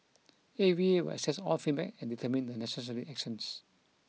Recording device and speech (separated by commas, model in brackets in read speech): mobile phone (iPhone 6), read sentence